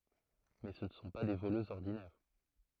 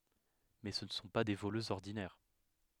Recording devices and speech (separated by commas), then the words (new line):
throat microphone, headset microphone, read sentence
Mais ce ne sont pas des voleuses ordinaires.